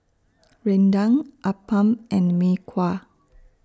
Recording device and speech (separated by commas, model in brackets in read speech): standing microphone (AKG C214), read sentence